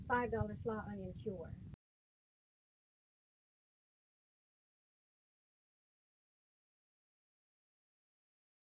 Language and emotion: English, fearful